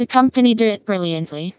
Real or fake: fake